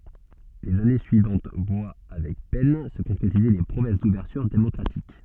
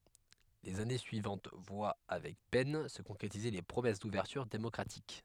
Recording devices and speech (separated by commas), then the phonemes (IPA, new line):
soft in-ear microphone, headset microphone, read sentence
lez ane syivɑ̃t vwa avɛk pɛn sə kɔ̃kʁetize le pʁomɛs duvɛʁtyʁ demɔkʁatik